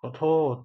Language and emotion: Thai, sad